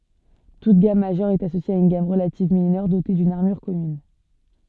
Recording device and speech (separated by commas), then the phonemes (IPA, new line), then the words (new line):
soft in-ear microphone, read sentence
tut ɡam maʒœʁ ɛt asosje a yn ɡam ʁəlativ minœʁ dote dyn aʁmyʁ kɔmyn
Toute gamme majeure est associée à une gamme relative mineure dotée d'une armure commune.